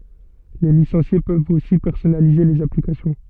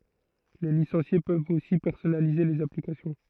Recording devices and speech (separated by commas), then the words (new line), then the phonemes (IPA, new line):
soft in-ear microphone, throat microphone, read sentence
Les licenciés peuvent aussi personnaliser les applications.
le lisɑ̃sje pøvt osi pɛʁsɔnalize lez aplikasjɔ̃